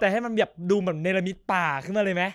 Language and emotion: Thai, frustrated